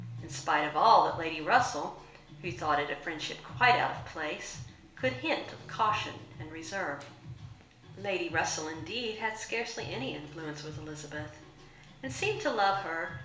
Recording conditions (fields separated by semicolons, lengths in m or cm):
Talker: one person; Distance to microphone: 1.0 m; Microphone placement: close; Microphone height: 1.1 m; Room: small (3.7 m by 2.7 m); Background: music